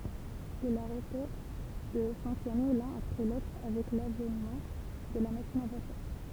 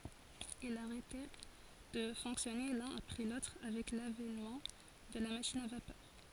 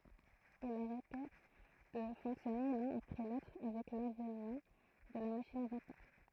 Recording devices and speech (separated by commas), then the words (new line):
temple vibration pickup, forehead accelerometer, throat microphone, read sentence
Ils arrêtèrent de fonctionner l'un après l'autre avec l'avènement de la machine à vapeur.